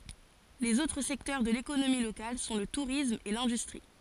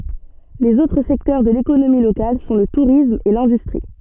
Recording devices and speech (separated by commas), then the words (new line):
forehead accelerometer, soft in-ear microphone, read sentence
Les autres secteurs de l'économie locale sont le tourisme et l'industrie.